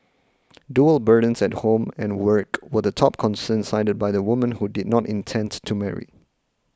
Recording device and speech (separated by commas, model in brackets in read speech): close-talking microphone (WH20), read sentence